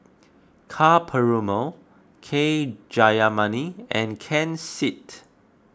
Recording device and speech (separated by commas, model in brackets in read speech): close-talking microphone (WH20), read sentence